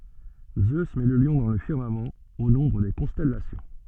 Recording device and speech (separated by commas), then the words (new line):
soft in-ear microphone, read sentence
Zeus met le lion dans le firmament, au nombre des constellations.